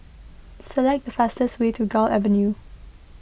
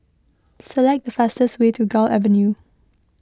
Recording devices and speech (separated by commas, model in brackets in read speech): boundary microphone (BM630), close-talking microphone (WH20), read sentence